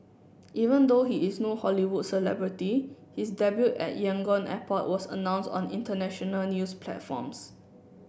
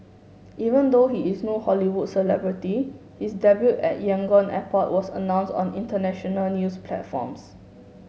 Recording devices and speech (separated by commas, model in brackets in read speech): boundary microphone (BM630), mobile phone (Samsung S8), read sentence